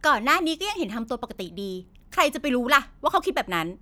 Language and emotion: Thai, frustrated